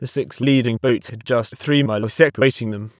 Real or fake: fake